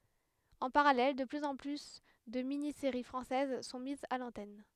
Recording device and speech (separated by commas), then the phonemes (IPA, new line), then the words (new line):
headset microphone, read sentence
ɑ̃ paʁalɛl də plyz ɑ̃ ply də mini seʁi fʁɑ̃sɛz sɔ̃ mizz a lɑ̃tɛn
En parallèle, de plus en plus de mini-séries françaises sont mises à l'antenne.